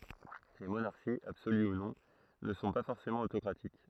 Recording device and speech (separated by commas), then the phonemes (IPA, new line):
throat microphone, read sentence
le monaʁʃiz absoly u nɔ̃ nə sɔ̃ pa fɔʁsemɑ̃ otokʁatik